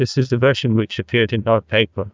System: TTS, neural waveform model